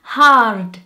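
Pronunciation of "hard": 'hard' is said with a Brazilian accent, with the r sound pronounced.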